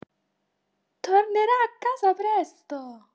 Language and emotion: Italian, happy